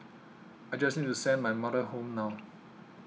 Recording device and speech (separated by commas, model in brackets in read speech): mobile phone (iPhone 6), read sentence